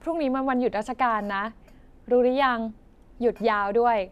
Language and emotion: Thai, neutral